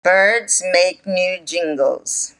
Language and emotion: English, angry